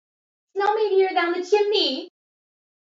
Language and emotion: English, happy